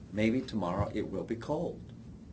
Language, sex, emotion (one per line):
English
male
neutral